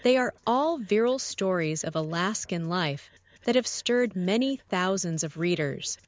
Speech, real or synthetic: synthetic